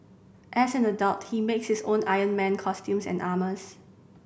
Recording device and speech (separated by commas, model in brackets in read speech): boundary microphone (BM630), read sentence